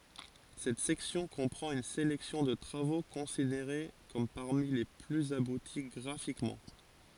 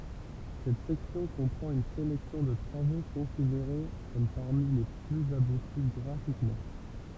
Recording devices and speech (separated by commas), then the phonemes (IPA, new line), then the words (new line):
forehead accelerometer, temple vibration pickup, read sentence
sɛt sɛksjɔ̃ kɔ̃pʁɑ̃t yn selɛksjɔ̃ də tʁavo kɔ̃sideʁe kɔm paʁmi le plyz abuti ɡʁafikmɑ̃
Cette section comprend une sélection de travaux considérés comme parmi les plus aboutis graphiquement.